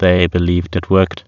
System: TTS, waveform concatenation